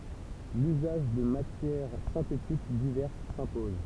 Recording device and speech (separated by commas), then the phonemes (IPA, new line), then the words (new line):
temple vibration pickup, read sentence
lyzaʒ də matjɛʁ sɛ̃tetik divɛʁs sɛ̃pɔz
L'usage de matières synthétiques diverses s'impose.